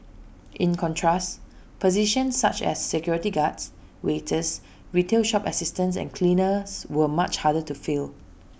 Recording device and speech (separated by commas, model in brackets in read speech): boundary microphone (BM630), read sentence